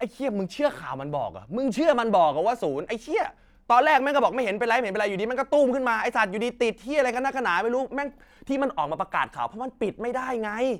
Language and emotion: Thai, angry